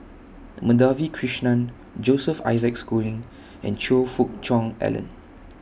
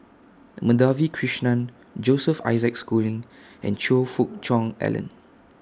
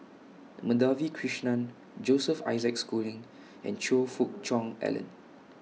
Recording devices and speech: boundary microphone (BM630), standing microphone (AKG C214), mobile phone (iPhone 6), read sentence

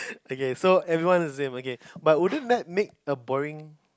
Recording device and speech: close-talking microphone, conversation in the same room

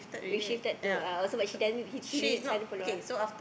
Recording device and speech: boundary microphone, conversation in the same room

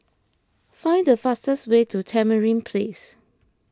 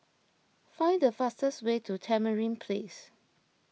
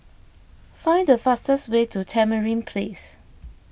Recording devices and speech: close-talking microphone (WH20), mobile phone (iPhone 6), boundary microphone (BM630), read sentence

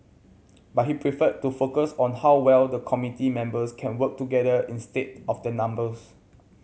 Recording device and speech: mobile phone (Samsung C7100), read sentence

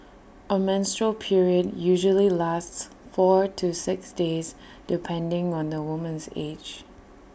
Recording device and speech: boundary microphone (BM630), read sentence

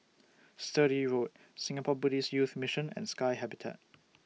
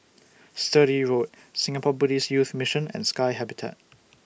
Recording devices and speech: mobile phone (iPhone 6), boundary microphone (BM630), read sentence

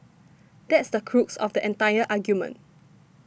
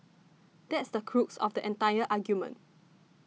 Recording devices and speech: boundary microphone (BM630), mobile phone (iPhone 6), read sentence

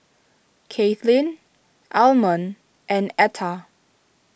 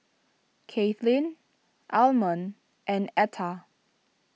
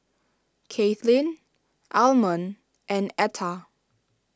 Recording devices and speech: boundary microphone (BM630), mobile phone (iPhone 6), standing microphone (AKG C214), read sentence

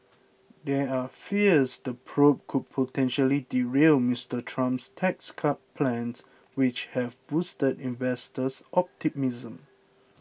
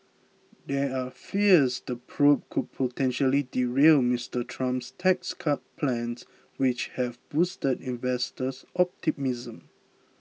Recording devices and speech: boundary microphone (BM630), mobile phone (iPhone 6), read sentence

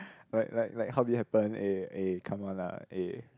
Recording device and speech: close-talking microphone, conversation in the same room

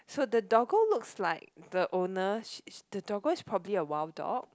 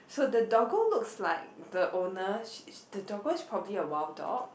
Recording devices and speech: close-talking microphone, boundary microphone, conversation in the same room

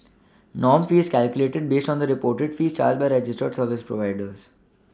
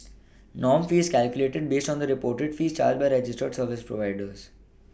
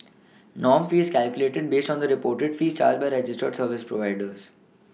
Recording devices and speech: standing microphone (AKG C214), boundary microphone (BM630), mobile phone (iPhone 6), read sentence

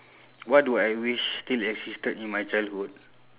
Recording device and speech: telephone, conversation in separate rooms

